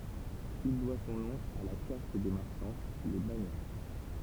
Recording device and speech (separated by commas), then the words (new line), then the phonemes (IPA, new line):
temple vibration pickup, read sentence
Il doit son nom à la caste des marchands, les banians.
il dwa sɔ̃ nɔ̃ a la kast de maʁʃɑ̃ le banjɑ̃